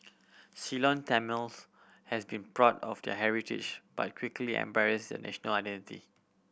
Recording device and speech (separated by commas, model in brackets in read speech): boundary microphone (BM630), read sentence